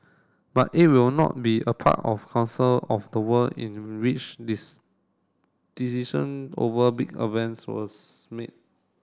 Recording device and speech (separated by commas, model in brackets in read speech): standing microphone (AKG C214), read sentence